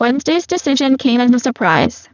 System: VC, spectral filtering